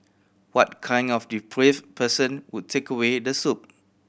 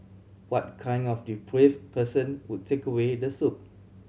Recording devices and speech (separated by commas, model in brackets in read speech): boundary microphone (BM630), mobile phone (Samsung C7100), read sentence